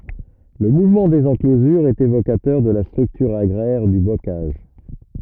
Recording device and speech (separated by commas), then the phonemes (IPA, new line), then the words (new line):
rigid in-ear microphone, read sentence
lə muvmɑ̃ dez ɑ̃klozyʁz ɛt evokatœʁ də la stʁyktyʁ aɡʁɛʁ dy bokaʒ
Le mouvement des enclosures est évocateur de la structure agraire du bocage.